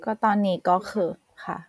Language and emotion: Thai, neutral